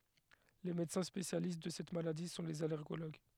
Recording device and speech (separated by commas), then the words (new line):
headset microphone, read sentence
Les médecins spécialistes de cette maladie sont les allergologues.